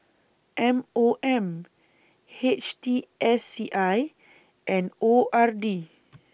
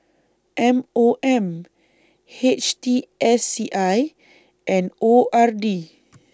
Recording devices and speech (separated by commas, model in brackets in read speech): boundary microphone (BM630), standing microphone (AKG C214), read sentence